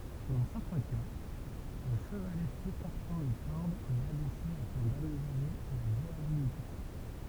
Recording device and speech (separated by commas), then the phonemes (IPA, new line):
temple vibration pickup, read sentence
dɑ̃ sɛʁtɛ̃ ka lə ʃəvalɛ sypɔʁtɑ̃ le kɔʁdz ɛt abɛse afɛ̃ dameljoʁe la ʒwabilite